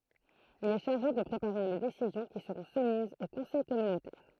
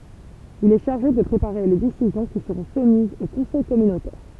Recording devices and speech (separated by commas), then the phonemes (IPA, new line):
throat microphone, temple vibration pickup, read sentence
il ɛ ʃaʁʒe də pʁepaʁe le desizjɔ̃ ki səʁɔ̃ sumizz o kɔ̃sɛj kɔmynotɛʁ